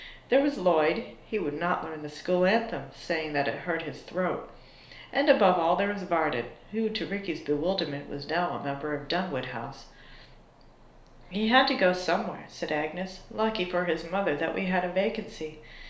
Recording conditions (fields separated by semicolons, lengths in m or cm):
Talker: one person; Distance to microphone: 1.0 m; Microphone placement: close; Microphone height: 1.1 m; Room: small (3.7 m by 2.7 m); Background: none